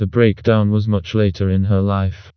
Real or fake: fake